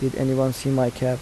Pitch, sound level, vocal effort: 130 Hz, 79 dB SPL, soft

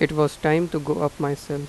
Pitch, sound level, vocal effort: 150 Hz, 86 dB SPL, normal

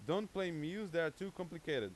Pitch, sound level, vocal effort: 180 Hz, 94 dB SPL, very loud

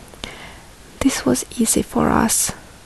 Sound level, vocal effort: 65 dB SPL, soft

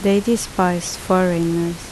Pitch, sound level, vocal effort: 180 Hz, 76 dB SPL, normal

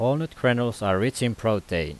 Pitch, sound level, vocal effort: 120 Hz, 88 dB SPL, loud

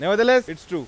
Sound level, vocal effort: 101 dB SPL, very loud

